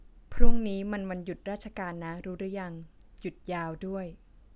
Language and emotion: Thai, neutral